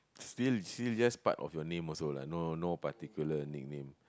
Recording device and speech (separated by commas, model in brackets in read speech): close-talking microphone, conversation in the same room